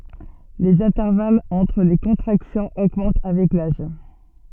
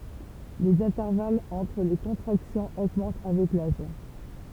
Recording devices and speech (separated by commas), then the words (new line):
soft in-ear microphone, temple vibration pickup, read sentence
Les intervalles entre les contractions augmentent avec l'âge.